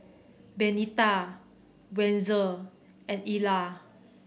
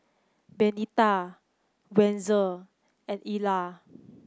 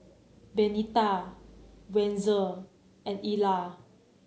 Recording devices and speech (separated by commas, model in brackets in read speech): boundary microphone (BM630), close-talking microphone (WH30), mobile phone (Samsung C9), read sentence